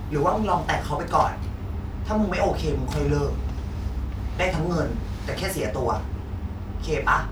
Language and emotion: Thai, neutral